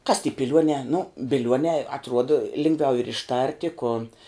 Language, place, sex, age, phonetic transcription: Lithuanian, Žemaitija, female, 18-60, kas ty piˈliuonē nu biˈliuonē atˈruoda ˈlingˌviau ir išˈtarti ku

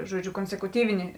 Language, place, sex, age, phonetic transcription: Lithuanian, Žemaitija, female, 18-60, žuoˈdžiu konsekuˈtyvini

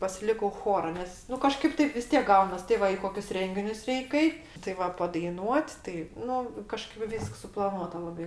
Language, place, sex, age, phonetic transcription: Lithuanian, Aukštaitija, female, 60+, pasiˈlikau ˈchora ˈnes nu kaˈžkaip ˈtaip vis ˈtiek ˈgaunas ti ˈva i ˈkokius ˈrenginius ˈreik ˈait tai ˈva padaiˈnuot' tai ˈnu kaˈžkaip ˈvysks suplaˈnuota ˈlabai

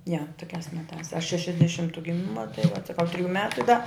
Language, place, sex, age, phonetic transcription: Lithuanian, Žemaitija, female, 60+, ja toˈkiās ˈmetās aš šešiasdeˈšimtu giˈmima tai vat saˈkau triˈjų ˈmetu i da

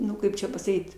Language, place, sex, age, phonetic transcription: Lithuanian, Aukštaitija, female, 60+, ˈnu ˈkaip čia pasaˈkyt

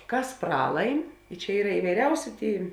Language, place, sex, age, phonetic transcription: Lithuanian, Žemaitija, female, 18-60, ˈkas ˈpralaim čia ˈyra ivaiˈriausi ˈtėi

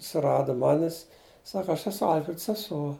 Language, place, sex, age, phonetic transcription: Lithuanian, Žemaitija, male, 60+, suˈradu ˈmanis ˈsaka ˈaš eˈsu ˈalfred seˈsuo

